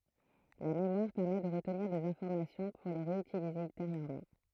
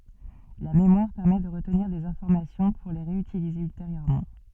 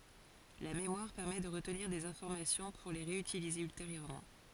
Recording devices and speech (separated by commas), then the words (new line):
throat microphone, soft in-ear microphone, forehead accelerometer, read sentence
La mémoire permet de retenir des informations pour les réutiliser ultérieurement.